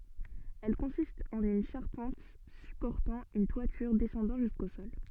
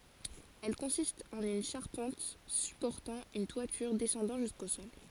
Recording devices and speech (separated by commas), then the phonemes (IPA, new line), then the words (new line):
soft in-ear microphone, forehead accelerometer, read sentence
ɛl kɔ̃sistt ɑ̃n yn ʃaʁpɑ̃t sypɔʁtɑ̃ yn twatyʁ dɛsɑ̃dɑ̃ ʒysko sɔl
Elles consistent en une charpente supportant une toiture descendant jusqu'au sol.